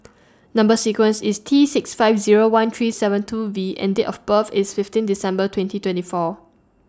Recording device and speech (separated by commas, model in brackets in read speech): standing microphone (AKG C214), read sentence